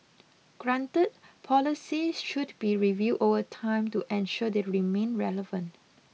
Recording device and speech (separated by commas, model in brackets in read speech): mobile phone (iPhone 6), read sentence